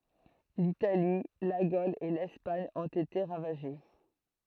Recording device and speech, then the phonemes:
throat microphone, read sentence
litali la ɡol e lɛspaɲ ɔ̃t ete ʁavaʒe

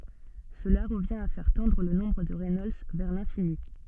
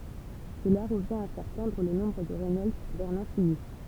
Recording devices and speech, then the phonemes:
soft in-ear microphone, temple vibration pickup, read sentence
səla ʁəvjɛ̃t a fɛʁ tɑ̃dʁ lə nɔ̃bʁ də ʁɛnɔlds vɛʁ lɛ̃fini

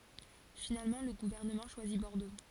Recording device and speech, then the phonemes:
forehead accelerometer, read sentence
finalmɑ̃ lə ɡuvɛʁnəmɑ̃ ʃwazi bɔʁdo

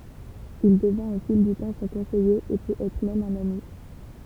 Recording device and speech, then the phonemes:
temple vibration pickup, read sentence
il dəvɛ̃t o fil dy tɑ̃ sɔ̃ kɔ̃sɛje e pøt ɛtʁ mɛm œ̃n ami

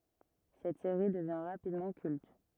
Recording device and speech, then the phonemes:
rigid in-ear microphone, read sentence
sɛt seʁi dəvjɛ̃ ʁapidmɑ̃ kylt

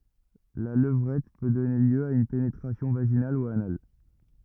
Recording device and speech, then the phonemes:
rigid in-ear microphone, read sentence
la ləvʁɛt pø dɔne ljø a yn penetʁasjɔ̃ vaʒinal u anal

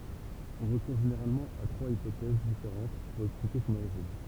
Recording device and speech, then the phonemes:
temple vibration pickup, read sentence
ɔ̃ ʁəkuʁ ʒeneʁalmɑ̃ a tʁwaz ipotɛz difeʁɑ̃t puʁ ɛksplike sɔ̃n oʁiʒin

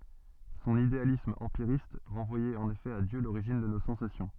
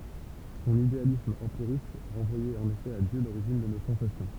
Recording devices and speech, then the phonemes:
soft in-ear microphone, temple vibration pickup, read sentence
sɔ̃n idealism ɑ̃piʁist ʁɑ̃vwajɛt ɑ̃n efɛ a djø loʁiʒin də no sɑ̃sasjɔ̃

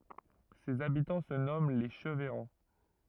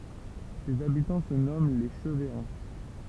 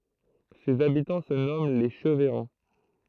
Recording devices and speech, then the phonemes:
rigid in-ear microphone, temple vibration pickup, throat microphone, read sentence
sez abitɑ̃ sə nɔmɑ̃ le ʃəvɛʁɑ̃

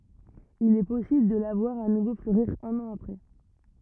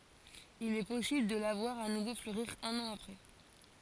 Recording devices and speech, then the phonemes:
rigid in-ear microphone, forehead accelerometer, read sentence
il ɛ pɔsibl də la vwaʁ a nuvo fløʁiʁ œ̃n ɑ̃ apʁɛ

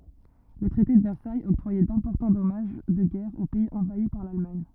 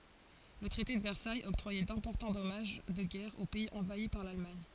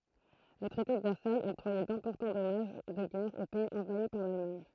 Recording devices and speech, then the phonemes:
rigid in-ear microphone, forehead accelerometer, throat microphone, read sentence
lə tʁɛte də vɛʁsajz ɔktʁwajɛ dɛ̃pɔʁtɑ̃ dɔmaʒ də ɡɛʁ o pɛiz ɑ̃vai paʁ lalmaɲ

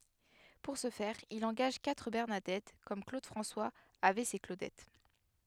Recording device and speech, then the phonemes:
headset microphone, read sentence
puʁ sə fɛʁ il ɑ̃ɡaʒ katʁ bɛʁnadɛt kɔm klod fʁɑ̃swaz avɛ se klodɛt

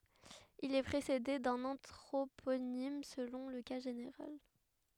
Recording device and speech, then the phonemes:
headset microphone, read sentence
il ɛ pʁesede dœ̃n ɑ̃tʁoponim səlɔ̃ lə ka ʒeneʁal

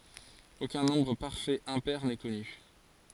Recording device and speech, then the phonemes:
forehead accelerometer, read sentence
okœ̃ nɔ̃bʁ paʁfɛt ɛ̃pɛʁ nɛ kɔny

